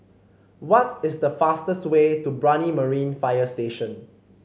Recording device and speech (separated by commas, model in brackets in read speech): mobile phone (Samsung C5), read sentence